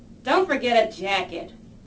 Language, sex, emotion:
English
female
disgusted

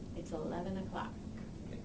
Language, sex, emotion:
English
female
neutral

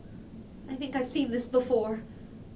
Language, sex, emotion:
English
female
fearful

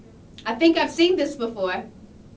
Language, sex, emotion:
English
female
neutral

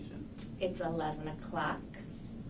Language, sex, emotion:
English
female
neutral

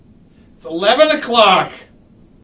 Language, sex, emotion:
English
male
angry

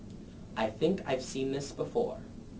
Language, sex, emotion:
English
male
neutral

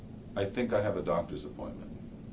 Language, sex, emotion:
English
male
neutral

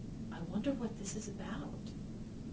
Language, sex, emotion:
English
female
fearful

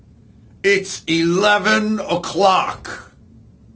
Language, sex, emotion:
English
male
angry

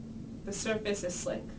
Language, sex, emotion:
English
female
neutral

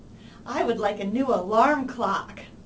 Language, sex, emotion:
English
female
happy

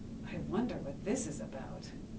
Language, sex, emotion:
English
female
neutral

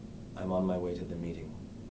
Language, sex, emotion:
English
male
neutral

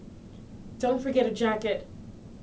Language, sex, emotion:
English
female
neutral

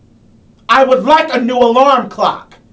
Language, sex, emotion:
English
male
angry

